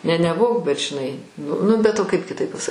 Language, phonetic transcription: Lithuanian, ne neˈbuo bet žiˈnai n ˈnu bet o ˈkaip kiˈtaip paˈsa

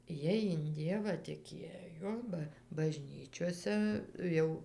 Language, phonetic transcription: Lithuanian, ˈjiej in ˈdievą tiˈkėjo ba baˈžnyčiose ˈjau

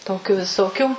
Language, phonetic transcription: Lithuanian, ˈtokiu viˈsokių

